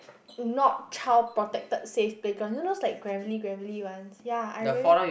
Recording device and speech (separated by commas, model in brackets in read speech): boundary microphone, conversation in the same room